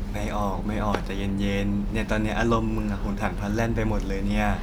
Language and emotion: Thai, neutral